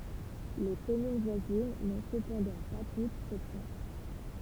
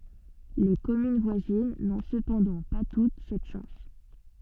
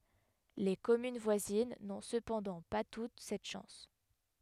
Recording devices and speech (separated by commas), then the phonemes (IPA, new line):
temple vibration pickup, soft in-ear microphone, headset microphone, read sentence
le kɔmyn vwazin nɔ̃ səpɑ̃dɑ̃ pa tut sɛt ʃɑ̃s